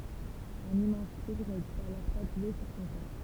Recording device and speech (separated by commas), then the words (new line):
temple vibration pickup, read sentence
Un immense tigre est alors tatoué sur son corps.